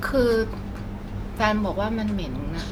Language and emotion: Thai, frustrated